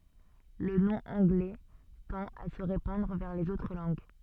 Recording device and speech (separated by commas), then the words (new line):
soft in-ear microphone, read sentence
Le nom anglais tend à se répandre vers les autres langues.